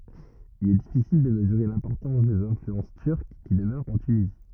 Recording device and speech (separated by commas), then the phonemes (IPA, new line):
rigid in-ear microphone, read sentence
il ɛ difisil də məzyʁe lɛ̃pɔʁtɑ̃s dez ɛ̃flyɑ̃s tyʁk ki dəmœʁt ɑ̃ tynizi